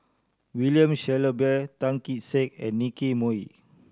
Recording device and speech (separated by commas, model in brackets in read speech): standing microphone (AKG C214), read sentence